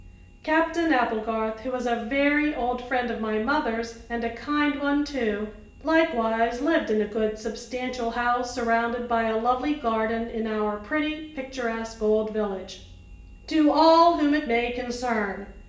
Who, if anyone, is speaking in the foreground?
One person.